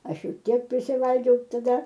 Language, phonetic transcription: Lithuanian, ˈaš ˈjau ˈtiek prisiˈvalgiau taˈda

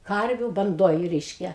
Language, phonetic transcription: Lithuanian, ˈkarviu banˈdoj ˈreiškia

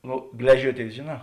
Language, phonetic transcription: Lithuanian, ˈnu ˈgležiuoˌtėis žėˌnā

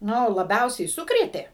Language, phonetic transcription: Lithuanian, ˈnu laˈbiausiai ˈsukrėtė

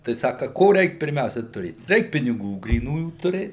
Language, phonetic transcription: Lithuanian, tai ˈsaka ˈko ˈreik pirˈmiausia tuˈrėt ˈreik piniˈgų gryˈnųjų tuˈrėt

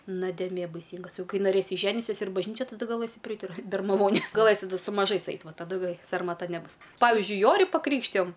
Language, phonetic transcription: Lithuanian, nodėˈmė baiˈsyngas ˈjau ˈkai naˈrėsi ˈženisies ir bažˈnyčia taˈda gaˈlɘsi priˈait ir bermaˈvonė gaˈlɘsi su maˈžais ˈait ˈva taˈdu ˈgai sarmaˈta neˈbus ˈpavizdžiui ˈjori paˈkrykštijom

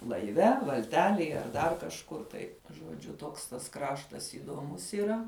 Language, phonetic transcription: Lithuanian, laiˈve valˈtelėj ar ˈdar kažˈkur tai žuoˈdžiu ˈtoks tas ˈkraštas įdoˈmus iˈra

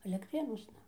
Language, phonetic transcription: Lithuanian, alektˈrėnuosna

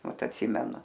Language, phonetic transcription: Lithuanian, ˈmat atˈsimenu

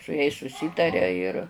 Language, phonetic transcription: Lithuanian, su jais suˈsytaria ir

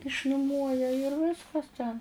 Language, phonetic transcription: Lithuanian, išnuˈmuoja ir ˈviskas ten

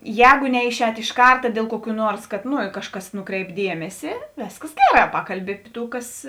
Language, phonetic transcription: Lithuanian, ˈjēgo ˈneiˌšēt iš ˈkarta diel ˈkuoˌkių ˈnuors ˈkad ˈno ˈkažˌkas ˈnuˌkreip ˈdiemesi ˈvėskas ˈgeˌrā ˈpakalˌbi api ˈtų ˈkas

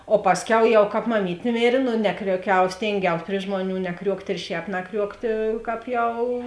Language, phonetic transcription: Lithuanian, o ˈpasˌkiau jau ˈkāp maˈmytė ˈmėrė no ˈnekriuoˌkiau ˈstėngiaus pri ˈžmuoˌnių neˈkriuokt' ir ˈšēp naˈkriuoktė ˈkāp ˈjau

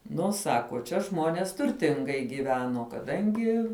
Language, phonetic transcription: Lithuanian, ˈnu ˈsako čia ˈžmonės turˈtingai gyˈveno kaˈdangi

